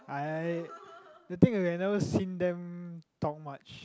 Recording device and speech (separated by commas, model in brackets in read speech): close-talking microphone, conversation in the same room